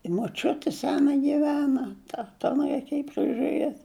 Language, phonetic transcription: Lithuanian, i moˈčiuti ˈsena giˈvena ˈta ta ˈanai reiˈkėji prižuˈrėt'

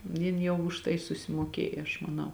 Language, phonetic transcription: Lithuanian, ˈjin jau už ˈtai susimuoˈkėj aš maˈnau

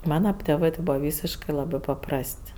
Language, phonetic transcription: Lithuanian, ˈmana tėˈvɜ ti ˈbūva ˈvysiškɜ ˈlabɜ paˈprast'

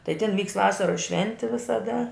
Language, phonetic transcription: Lithuanian, tai tin ˈvykst ˈvasaros ˈšventi visaˈda

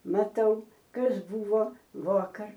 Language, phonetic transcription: Lithuanian, maˈtau ˈkas ˈbuvo ˈvuokar

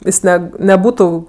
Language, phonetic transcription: Lithuanian, ˈis ˈne neˈbūtu

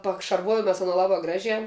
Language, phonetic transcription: Lithuanian, pakšarˈvojom mes aˈno ˈlabā ˈgražiā

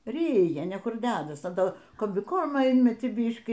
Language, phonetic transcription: Lithuanian, ˈryja ne ˈkur ˈdedas a ˈto kombiˈkormo ˈinmetį ˈbyškį

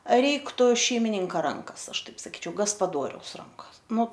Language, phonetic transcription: Lithuanian, ˈreiktu šeimiˈninka ˈrankas ˈaš ˈtaip saˈkyčiau gaspaˈdoriaus ˈrankas nu

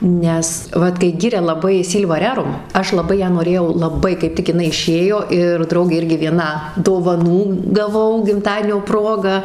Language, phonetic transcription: Lithuanian, ˈnes ˈvat kai ˈgiria laˈbai ˈsylva ˈrerum ˈaš laˈbai ˈją noˈrėjau laˈbai kaip ˈtik iˈnai iˈšėjo ir ˈdraugė ˈirgi vieˈna dovaˈnų gaˈvau gimˈtadienio ˈproga

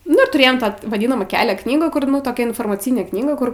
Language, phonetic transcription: Lithuanian, nu ir tuˈrėjom ˈtą vaˈdinamą ˈkelia ˈknygų ˈkur toˈkia informaˈcinė ˈknyga ˈkur

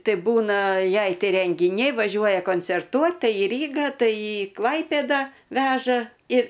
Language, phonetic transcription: Lithuanian, ˈtai ˈbūna ˈjai ˈtai rengiˈniai vaˈžiuoja koncerˈtuot ˈtai į ˈrygą ˈtai i ˈklaipėda ˈveža ir

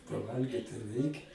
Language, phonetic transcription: Lithuanian, paˈvalgyt tai ˈreikia

